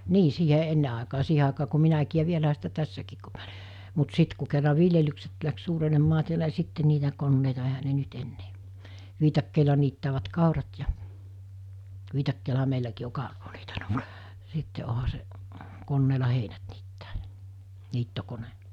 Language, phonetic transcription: Finnish, 'nii 'siiɦe 'enne àekaa 'siihe àekaa ku 'minäkii ja 'vielähä sitä 'tässäkiik ku m(iä oĺi) , mut 'sit ku kerra "viljelykset läks 'suurenemmaa tiälä ni 'sitte niitä 'konneita ehä ne 'nyt ennee , 'viitakkèila niittäävät 'kàurat ja , 'viitakkeelaɦa meiläkii o kàuroo (- -) , 'sitte oha se , 'konneela 'heinät niittää jᴀ , 'niittokone .
- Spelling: niin siihen ennen aikaan siihen aikaan kun minäkin ja vielähän sitä tässäkin kun minä olin mutta sitten kun kerran viljelykset lähti suurenemaan täällä niin sitten niitä koneita eihän ne nyt enää viikatteilla niittävät kaurat ja viikatteellahan meilläkin on kauraa sitten onhan se koneella heinät niittää ja niittokone

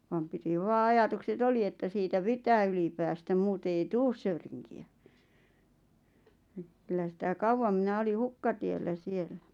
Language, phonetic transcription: Finnish, vam piti 'vaa 'ajatukse"t ‿oli että siitä "pitää yli päästäm 'muute ei "tuus Söyriŋki₍ä kyllä sitä "kauvvam 'mⁱnä oli "hukkatiellä 'siel̆lᴀ̈ .
- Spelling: vaan piti vain ajatukset olla että siitä pitää yli päästä muuten ei tule Söyrinkiä kyllä sitä kauan minä oli hukkatiellä siellä

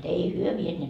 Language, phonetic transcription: Finnish, ei 'hyö 'vieneet .
- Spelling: ei he vieneet

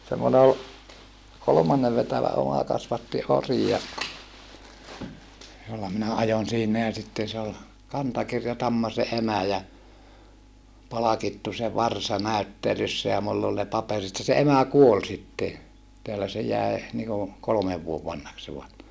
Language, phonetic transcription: Finnish, semmone ol , kolomannev vetävä oma kasvatti ori ja , jolla minä ajon siinä ja sitten se ol , kantakirjatamma se emä ja , palakittu se varsa nä̀yttelyssä ja mull ‿ol ne paperit ja se emä kuol sitte ja , teälä se jäe , niiku , kolᵒmev vuov vanhaks se var - .
- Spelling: semmoinen oli kolmannen vetävä oma kasvatti ori ja jolla minä ajoin siinä ja sitten se oli kantakirjatamma se emä ja palkittu se varsa näyttelyssä ja minulla oli ne paperit ja se emä kuoli sitten ja täällä se jäi niin kuin kolmen vuoden vanhaksi se -

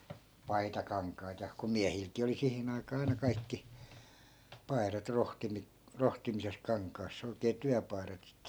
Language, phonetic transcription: Finnish, "paitakaŋk̀ait ja , ku 'miähilkii oli 'sihin ‿aikaa 'ai̮na 'kaikki , 'pai̮rat 'rohtimi- , 'rohtimises 'kaŋk̀aass ‿oi̮kee 'tyäpai̮rat sit(te) .
- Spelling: paitakankaita ja kun miehilläkin oli siihen aikaa aina kaikki paidat - rohtimisessa kankaassa oikein työpaidat sitten

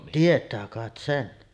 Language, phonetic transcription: Finnish, 'tiet̆tää kàet 'sen .
- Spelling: tietää kai sen

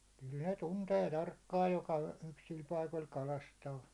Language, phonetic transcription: Finnish, kyl ne 'tuntee 'tarkkaaj joka 'yksil 'paikol 'kalastaa .
- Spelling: kyllä ne tuntee tarkkaan joka yksillä paikoilla kalastaa

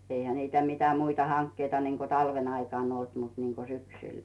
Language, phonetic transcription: Finnish, eihä niitä 'mitä muita 'haŋkkeita niŋko 'talven ‿aikàn ‿olt mut niŋko 'syksyi .
- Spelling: eihän niitä mitä muita hankkeita niin kuin talven aikana ollut mutta niin kuin syksyllä

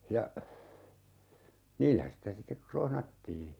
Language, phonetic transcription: Finnish, ja , "niillä sitä sittek 'krohnattii .
- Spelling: ja niillä sitä sitten krohnattiin

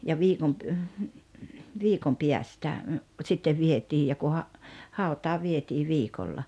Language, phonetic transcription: Finnish, ja 'viikom pə- , "viikom 'piästä , sittev 'vietiij ja ku ha- , 'hàut̀aa 'vietii "viikolla .
- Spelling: ja viikon - viikon päästä sitten vietiin ja kun - hautaan vietiin viikolla

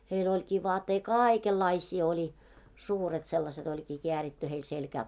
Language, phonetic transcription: Finnish, heil ‿oĺkii vaattei "kaaikellaiśii oĺi , 'suuret 'sellaset ‿oĺkii 'keäritty heil selkää .
- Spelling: heillä olikin vaatteita kaikenlaisia oli suuret sellaiset olikin kääritty heillä selkään

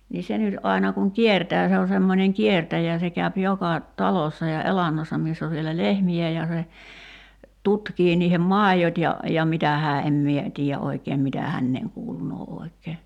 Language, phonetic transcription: Finnish, nii 'se nyt ’ai̬na kuŋ "kiertää se o semmońeŋ "kiertäjä se käyp 'joka , "talossa ja 'elannossa miiss ‿ov vielä "lehmi₍ä ja se , 'tutkii niihem "màijot ja , ja 'mitä hää 'em mie , 'tiijä "’oikeem 'mitä 'hänneeŋ 'kuulunoo "oi̬k̆kee .
- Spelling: niin se nyt aina kun kiertää se on semmoinen kiertäjä se käy joka talossa ja elannossa missä on vielä lehmiä ja se tutkii niiden maidot ja ja mitä hän en minä tiedä oikein mitä häneen kuulunee oikein

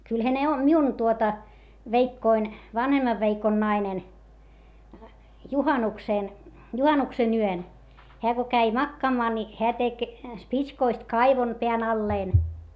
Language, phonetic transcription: Finnish, kylhä ne o , miun tuota , veikkoin , vanhemmav veikon nainen , juhanuksèn , juhanuksen ‿yön , heä ko käi makkaamaa ni , heä tek , spitskoist kaivon , peän ‿alleen .
- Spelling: kyllähän ne on minun tuota veikkoni vanhemman veikon nainen juhannuksen juhannuksen yön hän kun kävi makaamaan niin hän teki spitskoista kaivon pään allensa

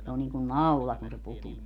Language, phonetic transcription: Finnish, se on niiŋkun "naula kun se 'putuu .
- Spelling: se on niin kuin naula kun se putoaa

